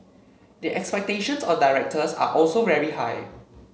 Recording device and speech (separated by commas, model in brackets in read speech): mobile phone (Samsung C7), read sentence